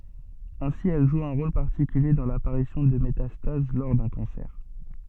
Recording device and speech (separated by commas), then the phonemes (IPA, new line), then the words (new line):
soft in-ear microphone, read sentence
ɛ̃si ɛl ʒu œ̃ ʁol paʁtikylje dɑ̃ lapaʁisjɔ̃ də metastaz lɔʁ dœ̃ kɑ̃sɛʁ
Ainsi, elle joue un rôle particulier dans l'apparition de métastases lors d'un cancer.